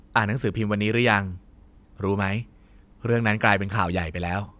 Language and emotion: Thai, neutral